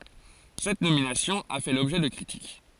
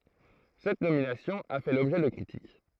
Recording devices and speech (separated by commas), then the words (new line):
forehead accelerometer, throat microphone, read sentence
Cette nomination a fait l'objet de critiques.